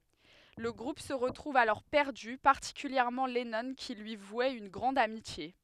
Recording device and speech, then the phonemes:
headset microphone, read sentence
lə ɡʁup sə ʁətʁuv alɔʁ pɛʁdy paʁtikyljɛʁmɑ̃ lɛnɔ̃ ki lyi vwɛt yn ɡʁɑ̃d amitje

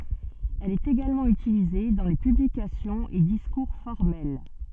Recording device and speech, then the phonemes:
soft in-ear microphone, read sentence
ɛl ɛt eɡalmɑ̃ ytilize dɑ̃ le pyblikasjɔ̃z e diskuʁ fɔʁmɛl

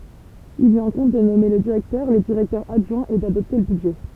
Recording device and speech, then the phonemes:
temple vibration pickup, read sentence
il lyi ɛ̃kɔ̃b də nɔme lə diʁɛktœʁ le diʁɛktœʁz adʒwɛ̃z e dadɔpte lə bydʒɛ

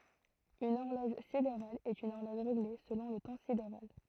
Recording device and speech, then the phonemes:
throat microphone, read sentence
yn ɔʁlɔʒ sideʁal ɛt yn ɔʁlɔʒ ʁeɡle səlɔ̃ lə tɑ̃ sideʁal

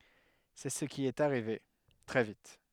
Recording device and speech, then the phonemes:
headset microphone, read sentence
sɛ sə ki ɛt aʁive tʁɛ vit

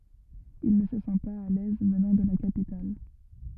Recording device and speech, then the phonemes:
rigid in-ear microphone, read sentence
il nə sə sɑ̃ paz a lɛz vənɑ̃ də la kapital

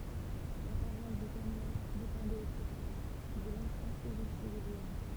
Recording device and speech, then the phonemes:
temple vibration pickup, read sentence
la paʁwas də kɛʁnw depɑ̃dɛt otʁəfwa də lɑ̃sjɛ̃ evɛʃe də leɔ̃

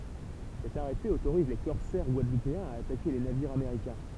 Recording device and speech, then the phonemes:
temple vibration pickup, read sentence
sɛt aʁɛte otoʁiz le kɔʁsɛʁ ɡwadlupeɛ̃z a atake le naviʁz ameʁikɛ̃

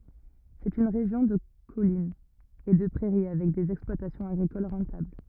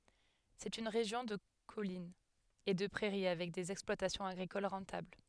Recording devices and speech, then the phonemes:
rigid in-ear microphone, headset microphone, read sentence
sɛt yn ʁeʒjɔ̃ də kɔlinz e də pʁɛʁi avɛk dez ɛksplwatasjɔ̃z aɡʁikol ʁɑ̃tabl

